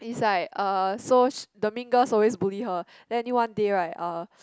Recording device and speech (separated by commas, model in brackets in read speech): close-talking microphone, conversation in the same room